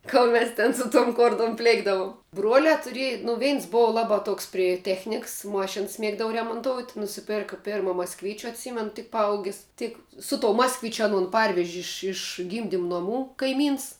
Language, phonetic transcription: Lithuanian, ˈkol mes ˈten su tom ˈkortom ˈplėkdavum ˈbruoliā tuˈriej nu ˈveins ˈbova ˈlabā ˈtoks pri ˈtechniks ˈmošins ˈmiegdava remonˈtout nusiˈpėrka ˈpėrma maskˈvyčiu atˈsymen tik paˈaugis ˈtik su tou ˈmaskvičiu aˈnon ˈparveži ˈiš iš ˈgymdim noˈmų kaiˈmyns

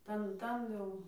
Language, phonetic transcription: Lithuanian, ˈtan ˈtan jau

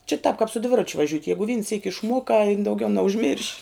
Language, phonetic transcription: Lithuanian, čia tāp kāp su ˈdviračiu vaˈžiut' ˈjegu vyn syk' išˈmuokā in dauˈgiau neužˈmirš'

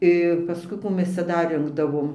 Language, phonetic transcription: Lithuanian, ir paˈskui ˈkų ˈmes ˈcia ˈdar ˈrinkdavom

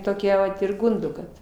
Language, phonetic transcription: Lithuanian, toˈkia vat ir ˈgundo ˈkad

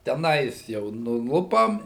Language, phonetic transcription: Lithuanian, teˈnais jau nuˈlupam

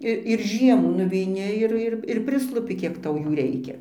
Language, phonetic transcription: Lithuanian, ˈir ir ˈžiemų nuveiˈni ir ˈir ir ir ˈprislupi ˈkiek ˈtau ˈjų ˈreikia

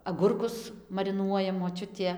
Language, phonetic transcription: Lithuanian, aˈgurkus mariˈnuoja moˈčiutė

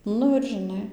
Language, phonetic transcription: Lithuanian, ˈnu ir žiˈnai

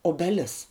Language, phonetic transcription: Lithuanian, obeˈlis

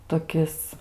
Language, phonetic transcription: Lithuanian, toˈkis

